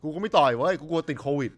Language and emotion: Thai, neutral